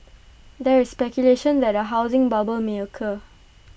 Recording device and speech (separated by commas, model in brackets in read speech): boundary microphone (BM630), read sentence